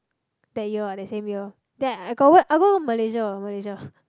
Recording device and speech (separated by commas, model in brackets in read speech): close-talking microphone, conversation in the same room